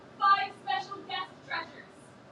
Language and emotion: English, fearful